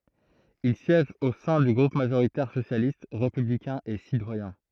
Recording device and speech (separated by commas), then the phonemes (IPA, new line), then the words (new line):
throat microphone, read sentence
il sjɛʒ o sɛ̃ dy ɡʁup maʒoʁitɛʁ sosjalist ʁepyblikɛ̃ e sitwajɛ̃
Il siège au sein du groupe majoritaire socialiste, républicain et citoyen.